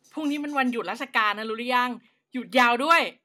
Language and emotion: Thai, happy